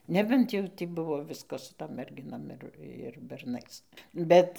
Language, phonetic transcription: Lithuanian, ˈnebent jau tį ˈbuvo ˈviskas su ˈtom merˈginom ir ir berˈnais ˈbet

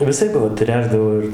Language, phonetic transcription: Lithuanian, viˈsaip va ˈtręšdavo ir

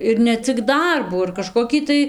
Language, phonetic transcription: Lithuanian, ir ne ˈcik ˈdarbų ir kažkoˈkį tai

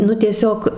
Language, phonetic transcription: Lithuanian, ˈnu tieˈsiog

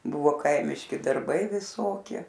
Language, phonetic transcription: Lithuanian, ˈbuvo ˈkaimiški darˈbai viˈsokie

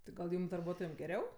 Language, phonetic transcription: Lithuanian, ˈtai gal ˈjūm darˈbuotojam geˈriau

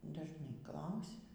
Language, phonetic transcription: Lithuanian, dažˈnai ˈklausia

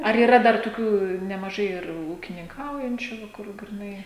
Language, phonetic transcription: Lithuanian, ar yˈra dar tuˈkių nemaˈžai ir ūkininˈkaujančiu va ˈkur griˈnai

